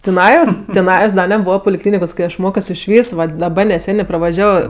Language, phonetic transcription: Lithuanian, tiˈnajos tiˈnajos ˈda neˈbūva puliˈklynikos ˈkai ˈaš ˈmokios išˈvys ˈvat daˈba neˈsenė pravaˈžiavo

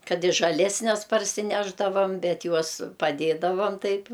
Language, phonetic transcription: Lithuanian, kad i žaˈlesnes parsiˈnešdavam ˈbet ˈjuos paˈdėdavam ˈtaip

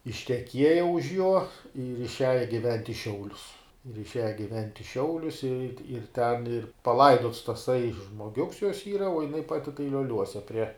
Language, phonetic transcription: Lithuanian, išteˈkieja už juo ir išˈiaja giˈvent' i ˈšiaulius ir išˈiaja giˈvent' i ˈšiaulius ir ti ir ten ir paˈlaidots taˈsai žmoˈgiuks jos ˈyra o jiˈnai ˈpati tai lioˈliuose prie

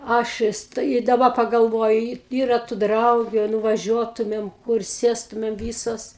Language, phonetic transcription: Lithuanian, ˈaš vis tai i daˈba pagalˈvoju y ˈyra tu ˈdraugiu a nuvaˈžiuotumėm kur ˈsėstumėm ˈvysos

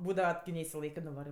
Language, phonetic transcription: Lithuanian, ˈbūdava ki neisiˈlaikɜ nuˈvarɜ

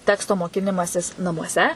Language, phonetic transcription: Lithuanian, ˈteksto moˈkinimasis namuoˈse

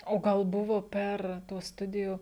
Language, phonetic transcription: Lithuanian, o ˈgal ˈbuvo ˈper ˈtuos ˈstudiju

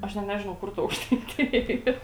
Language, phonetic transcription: Lithuanian, ˈaš net ˈnežinau ˈkur ta aukštaiˈtija ˈyr

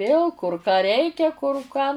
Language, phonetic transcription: Lithuanian, ˈvėl kur ką ˈreikia kur ką

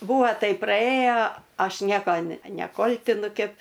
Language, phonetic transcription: Lithuanian, ˈbūva ˈtaip praˈėjo ˈaš ˈnieko ne neˈkoltinu ˈkep

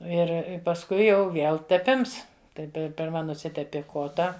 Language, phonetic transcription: Lithuanian, ˈir i pasˈkui jau ˈviel teˈpims ˈtai ˈpe pirˈma nuˈsitepi ˈkota

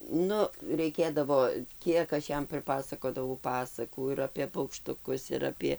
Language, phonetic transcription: Lithuanian, ˈnu reiˈkėdavo ˈkiek aš ˈjam priˈpasakodavau ˈpasakų ir apė paukštuˈkus ir ˈapie

